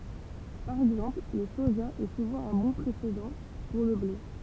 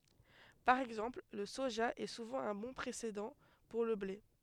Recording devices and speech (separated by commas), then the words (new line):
temple vibration pickup, headset microphone, read sentence
Par exemple, le soja est souvent un bon précédent pour le blé.